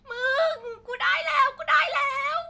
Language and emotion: Thai, happy